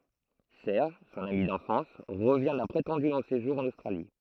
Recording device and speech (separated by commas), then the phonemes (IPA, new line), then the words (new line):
throat microphone, read sentence
sɛʁʒ sɔ̃n ami dɑ̃fɑ̃s ʁəvjɛ̃ dœ̃ pʁetɑ̃dy lɔ̃ seʒuʁ ɑ̃n ostʁali
Serge, son ami d'enfance, revient d'un prétendu long séjour en Australie.